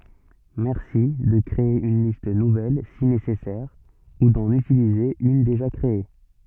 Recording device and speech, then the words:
soft in-ear microphone, read sentence
Merci de créer une liste nouvelle si nécessaire ou d'en utiliser une déjà créée.

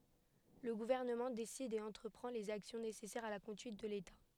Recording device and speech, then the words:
headset microphone, read sentence
Le gouvernement décide et entreprend les actions nécessaires à la conduite de l'État.

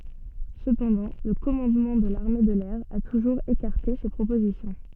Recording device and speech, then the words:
soft in-ear microphone, read sentence
Cependant, le commandement de l'armée de l'air a toujours écarté ces propositions.

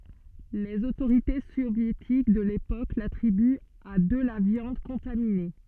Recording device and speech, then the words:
soft in-ear microphone, read sentence
Les autorités soviétiques de l'époque l'attribuent à de la viande contaminée.

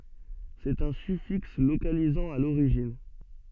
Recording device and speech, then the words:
soft in-ear microphone, read sentence
C'est un suffixe localisant à l'origine.

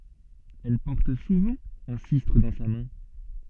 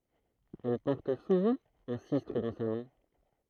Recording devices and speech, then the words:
soft in-ear microphone, throat microphone, read sentence
Elle porte souvent un sistre dans sa main.

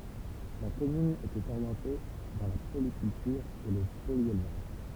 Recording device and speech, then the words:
temple vibration pickup, read sentence
La commune était orientée dans la polyculture et le polyélevage.

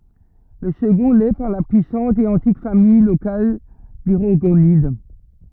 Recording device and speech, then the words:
rigid in-ear microphone, read sentence
Le second l'est par la puissante et antique famille locale des Rorgonides.

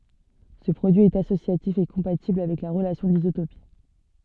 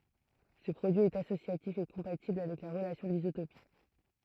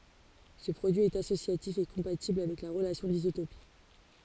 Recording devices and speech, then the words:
soft in-ear microphone, throat microphone, forehead accelerometer, read sentence
Ce produit est associatif et compatible avec la relation d'isotopie.

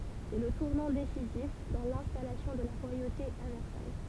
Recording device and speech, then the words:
temple vibration pickup, read sentence
C'est le tournant décisif dans l'installation de la royauté à Versailles.

